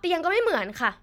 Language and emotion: Thai, angry